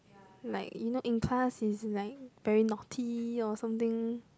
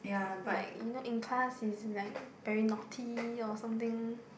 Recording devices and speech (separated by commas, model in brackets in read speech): close-talking microphone, boundary microphone, conversation in the same room